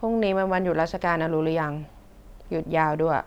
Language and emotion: Thai, frustrated